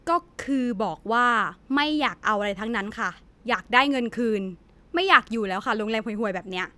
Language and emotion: Thai, angry